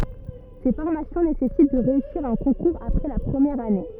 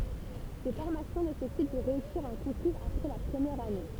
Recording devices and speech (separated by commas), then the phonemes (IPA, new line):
rigid in-ear microphone, temple vibration pickup, read sentence
se fɔʁmasjɔ̃ nesɛsit də ʁeysiʁ œ̃ kɔ̃kuʁz apʁɛ la pʁəmjɛʁ ane